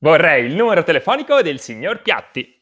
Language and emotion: Italian, happy